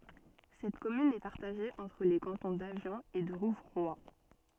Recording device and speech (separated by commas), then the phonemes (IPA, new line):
soft in-ear microphone, read sentence
sɛt kɔmyn ɛ paʁtaʒe ɑ̃tʁ le kɑ̃tɔ̃ davjɔ̃ e də ʁuvʁwa